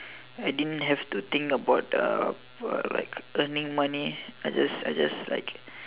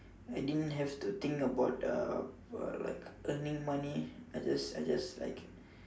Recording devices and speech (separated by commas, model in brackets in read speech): telephone, standing microphone, conversation in separate rooms